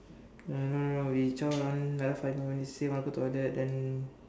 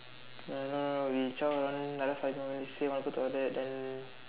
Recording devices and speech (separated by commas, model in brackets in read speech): standing microphone, telephone, conversation in separate rooms